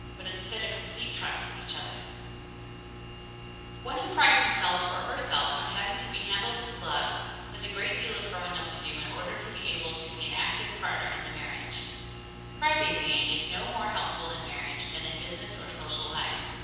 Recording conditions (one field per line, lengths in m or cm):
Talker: one person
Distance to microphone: 7.1 m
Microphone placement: far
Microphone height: 1.7 m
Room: very reverberant, large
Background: none